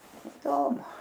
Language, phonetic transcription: Lithuanian, iˈdomu

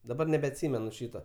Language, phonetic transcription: Lithuanian, daˈbar nebeatˈsymenu ˈšyto

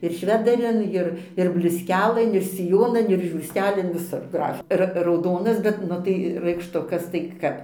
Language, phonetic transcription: Lithuanian, ir ˈšvedarin ˈir ir bliusˈkelɘn ir siˈjonan ir žiūrˈstelin viˈsur ˈgraf ˈra rauˈdonas bet ˈnu tai raikšˈtukas tai ˈkap

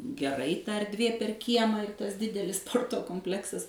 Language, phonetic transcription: Lithuanian, geˈrai ˈta erˈdvė per ˈkiemą ir ˈtas ˈdidelis ˈsporto kompˈleksas

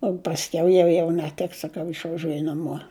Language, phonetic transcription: Lithuanian, o pasˈkiau ˈjau jau neˈtiks saˈkau išvaˈžiuoju naˈmuo

